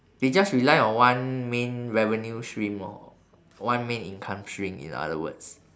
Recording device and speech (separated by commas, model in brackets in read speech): standing microphone, conversation in separate rooms